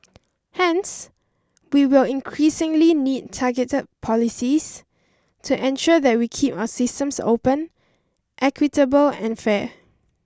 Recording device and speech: standing microphone (AKG C214), read sentence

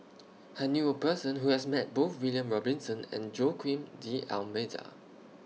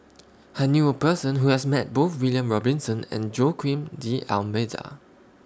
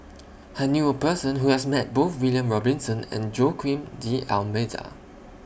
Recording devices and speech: mobile phone (iPhone 6), standing microphone (AKG C214), boundary microphone (BM630), read sentence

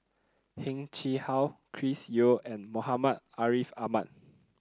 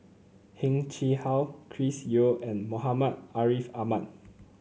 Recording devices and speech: close-talking microphone (WH30), mobile phone (Samsung C9), read sentence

